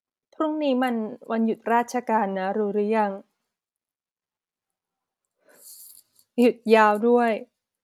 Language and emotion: Thai, sad